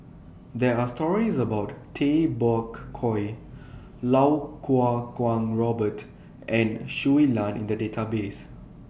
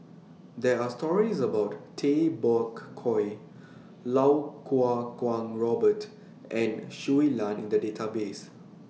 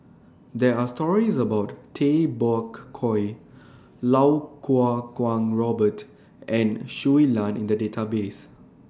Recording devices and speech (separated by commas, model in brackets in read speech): boundary microphone (BM630), mobile phone (iPhone 6), standing microphone (AKG C214), read sentence